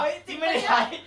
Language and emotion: Thai, happy